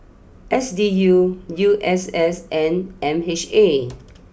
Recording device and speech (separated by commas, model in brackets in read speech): boundary microphone (BM630), read sentence